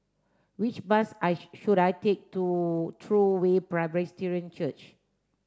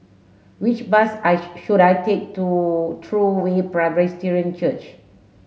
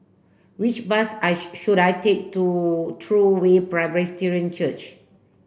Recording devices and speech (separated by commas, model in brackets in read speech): standing microphone (AKG C214), mobile phone (Samsung S8), boundary microphone (BM630), read sentence